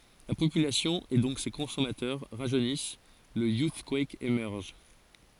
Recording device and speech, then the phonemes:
forehead accelerometer, read sentence
la popylasjɔ̃ e dɔ̃k se kɔ̃sɔmatœʁ ʁaʒønis lə juskwɛk emɛʁʒ

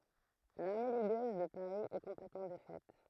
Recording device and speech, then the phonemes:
throat microphone, read sentence
laʁme liɡøz də paʁi ɛ kɔ̃plɛtmɑ̃ defɛt

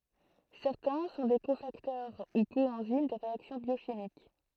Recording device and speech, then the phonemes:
throat microphone, read sentence
sɛʁtɛ̃ sɔ̃ de kofaktœʁ u koɑ̃zim də ʁeaksjɔ̃ bjoʃimik

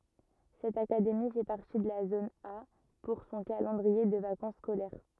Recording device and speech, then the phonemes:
rigid in-ear microphone, read sentence
sɛt akademi fɛ paʁti də la zon a puʁ sɔ̃ kalɑ̃dʁie də vakɑ̃s skolɛʁ

